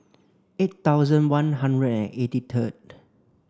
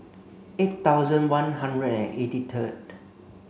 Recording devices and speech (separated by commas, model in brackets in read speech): standing microphone (AKG C214), mobile phone (Samsung C5), read sentence